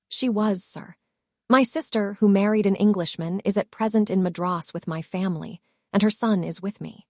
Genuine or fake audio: fake